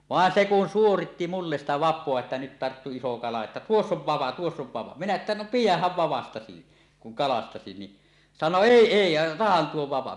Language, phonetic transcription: Finnish, vàen 'se 'kun 'suoritti "mulles sitä "vap̆poa että nyt tarttu 'iso 'kala että » "tuoss ‿ov 'vava , "tuoss ‿ov 'vava « [!]- minä että no » "pijäh̆häv "vavastasi , kuŋ 'kalastasi « ni , sano » "èi "èi « ja » 'otahan tuo 'vapa « .
- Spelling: vaan se kun suoritti minulle sitä vapaa että nyt tarttui iso kala että tuossa on vapa tuossa on vavan - minä että no pidähän vavastasi kun kalastasi niin sanoi ei ei ja otahan tuo vapa

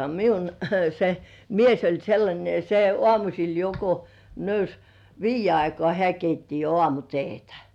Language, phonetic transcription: Finnish, miun se "mies oĺ sellańe (ja) se 'ŏàmuśil jo ko , 'nöys , "viij̆je aikŏà 'hĕä̀ keitti jo "ŏàmute̳e̳§tᴀ̈ .
- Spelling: minun se mies oli sellainen ja se aamusella jo kun nousi viiden aikaan hän keitti jo aamuteetä

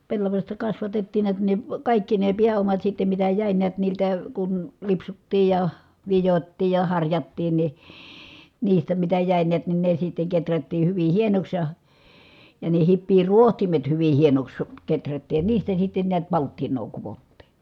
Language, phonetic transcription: Finnish, pellavaśta kasvatettiin niät ni , kàikki ne piä₍omat sittem mitä jä̀i niät niiltä , kun , lipsuttii ja , vijottii ja harjattiin ni , niistä mitä jä̀i niät ni ne sitteŋ keträttii hyvi hienoks ja , ja ne hippii ruohtimet hyvi hienoks keträttiij ja niistä sitten niät palttin̆noo kuvottì .
- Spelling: pellavasta kasvatettiin näet niin kaikki ne pääomat sitten mitä jäi näet niiltä kun lipsuttiin ja vidottiin ja harjattiin niin niistä mitä jäi näet niin ne sitten kehrättiin hyvin hienoksi ja ja ne hipiä rohtimet hyvin hienoksi kehrättiin ja niistä sitten näet palttinaa kudottiin

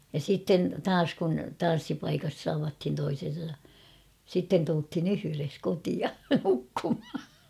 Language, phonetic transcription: Finnish, ja 'sitten "taas kun "tan̬ssipaikas 'tavathin toisen̬sa , 'sitten tulthin ‿"yhyres kotia , nukkumha .
- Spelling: ja sitten taas kun tanssipaikassa tavattiin toisensa sitten tultiin yhdessä kotiin nukkumaan

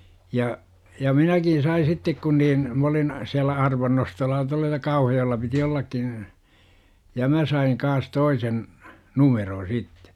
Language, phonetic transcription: Finnish, ja , ja "minäkin̬ sai 'sittek kun niin , m ‿olin , 'siällä 'arvannostolla tualla ja "Kauhajo₍ella piti 'ollakkin̬ , ja 'mä saiŋ kaas "toisen , "numeroo̰ 'sittE .
- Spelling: ja ja minäkin sain sitten kun niin minä olin siellä arvannostolla tuolla ja Kauhajoella piti ollakin ja minä sain kanssa toisen numeron sitten

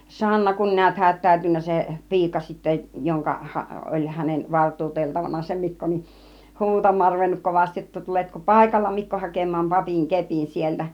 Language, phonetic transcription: Finnish, 'Sanna kun niät 'hät̆tä̀ytyn̆nä 'se , "pi̬ika sittä , joŋka 'ha- , 'oĺ hänev 'valt̆tuuteltavana se 'Mikko nin , "huutam̆maar ruvennuk 'kovastij jotta » 'tuletko "pàikalla 'Mikko 'hakem̆maam "papìŋ "kepin sieltä « .
- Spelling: Sanna kun näet hätääntynyt se piika sitten jonka - oli hänen valtuuteltavana se Mikko niin huutamaan ruvennut kovasti jotta tuletko paikalla Mikko hakemaan papin kepin sieltä

